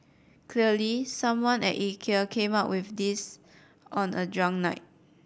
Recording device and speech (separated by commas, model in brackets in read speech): boundary microphone (BM630), read sentence